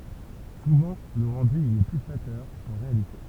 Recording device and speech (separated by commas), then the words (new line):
temple vibration pickup, read sentence
Souvent le rendu y est plus flatteur qu'en réalité.